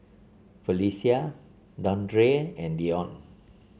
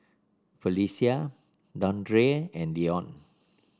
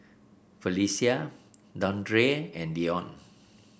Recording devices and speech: mobile phone (Samsung C7), standing microphone (AKG C214), boundary microphone (BM630), read sentence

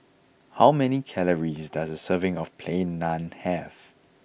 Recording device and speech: boundary microphone (BM630), read sentence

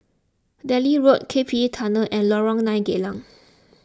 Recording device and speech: close-talking microphone (WH20), read sentence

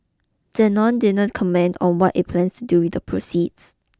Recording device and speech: close-talking microphone (WH20), read sentence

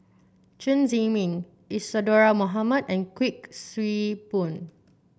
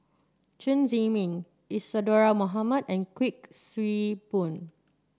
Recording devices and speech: boundary microphone (BM630), standing microphone (AKG C214), read sentence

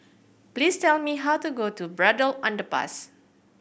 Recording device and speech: boundary microphone (BM630), read sentence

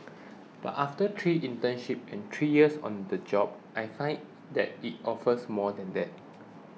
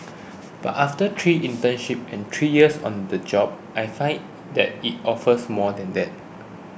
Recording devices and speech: mobile phone (iPhone 6), boundary microphone (BM630), read sentence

